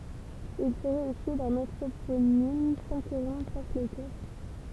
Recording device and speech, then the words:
temple vibration pickup, read sentence
Il serait issu d'un anthroponyme, sans que l'on sache lequel.

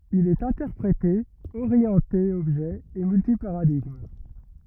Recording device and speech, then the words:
rigid in-ear microphone, read sentence
Il est interprété, orienté objet et multi-paradigme.

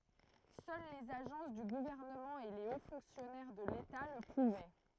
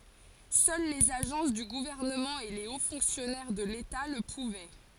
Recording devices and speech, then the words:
throat microphone, forehead accelerometer, read sentence
Seuls les agences du gouvernement et les hauts fonctionnaires de l'État le pouvaient.

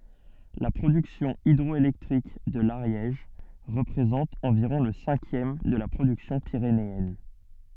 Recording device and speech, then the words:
soft in-ear microphone, read sentence
La production hydroélectrique de l'Ariège représente environ le cinquième de la production pyrénéenne.

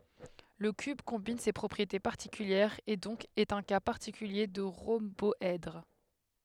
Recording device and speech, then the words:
headset microphone, read sentence
Le cube combine ces propriétés particulières, et donc est un cas particulier de rhomboèdre.

